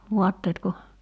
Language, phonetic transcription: Finnish, 'vuatteetko ?
- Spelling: vaatteetko

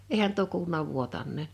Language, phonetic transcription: Finnish, 'ehän tuo kuuluna 'vuotan̆neen̬ .
- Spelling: eihän tuo kuulunut vuotaneen

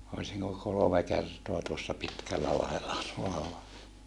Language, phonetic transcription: Finnish, oisiŋko kolome kertoa tuossa Pitkällälahella tuolla .
- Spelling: olisinko kolme kertaa tuossa Pitkällälahdella tuolla

